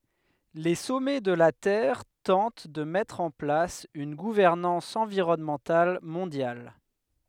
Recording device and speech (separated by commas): headset microphone, read sentence